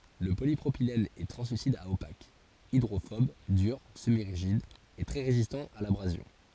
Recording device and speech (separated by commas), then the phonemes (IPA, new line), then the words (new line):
forehead accelerometer, read sentence
lə polipʁopilɛn ɛ tʁɑ̃slysid a opak idʁofɔb dyʁ səmiʁiʒid e tʁɛ ʁezistɑ̃ a labʁazjɔ̃
Le polypropylène est translucide à opaque, hydrophobe, dur, semi-rigide et très résistant à l'abrasion.